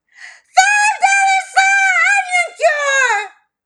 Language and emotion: English, neutral